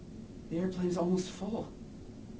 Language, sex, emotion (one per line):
English
male
neutral